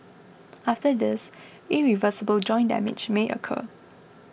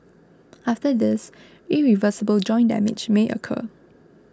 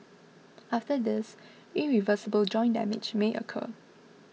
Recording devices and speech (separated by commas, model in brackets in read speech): boundary microphone (BM630), close-talking microphone (WH20), mobile phone (iPhone 6), read sentence